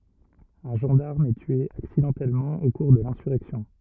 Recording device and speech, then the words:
rigid in-ear microphone, read sentence
Un gendarme est tué accidentellement au cours de l’insurrection.

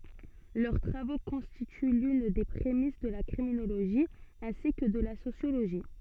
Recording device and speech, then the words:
soft in-ear microphone, read sentence
Leurs travaux constituent l'une des prémices de la criminologie ainsi que de la sociologie.

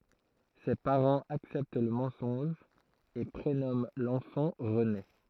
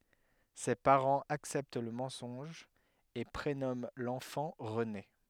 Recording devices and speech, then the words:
throat microphone, headset microphone, read sentence
Ses parents acceptent le mensonge et prénomment l'enfant René.

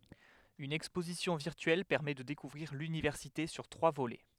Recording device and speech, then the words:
headset microphone, read sentence
Une exposition virtuelle permet de découvrir l'université sur trois volets.

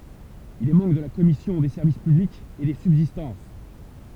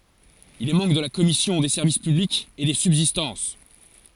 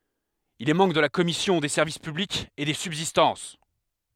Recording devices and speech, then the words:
temple vibration pickup, forehead accelerometer, headset microphone, read sentence
Il est membre de la commission des Services publics et des Subsistances.

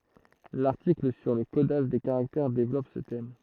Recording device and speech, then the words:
throat microphone, read sentence
L'article sur le codage des caractères développe ce thème.

